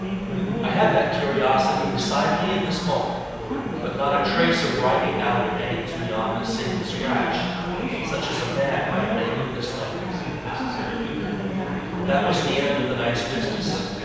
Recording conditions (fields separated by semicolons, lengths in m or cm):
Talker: one person; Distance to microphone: 7.1 m; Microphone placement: far; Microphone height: 1.7 m; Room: very reverberant, large; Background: babble